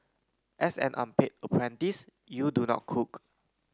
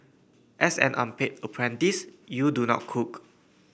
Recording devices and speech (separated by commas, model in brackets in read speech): close-talking microphone (WH30), boundary microphone (BM630), read sentence